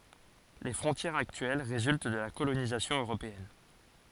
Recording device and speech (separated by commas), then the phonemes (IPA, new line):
forehead accelerometer, read sentence
le fʁɔ̃tjɛʁz aktyɛl ʁezylt də la kolonizasjɔ̃ øʁopeɛn